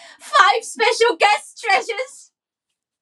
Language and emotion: English, fearful